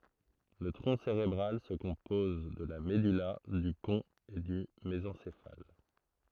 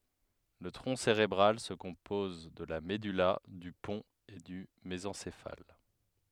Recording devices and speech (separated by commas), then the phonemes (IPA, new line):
throat microphone, headset microphone, read sentence
lə tʁɔ̃ seʁebʁal sə kɔ̃pɔz də la mədyla dy pɔ̃t e dy mezɑ̃sefal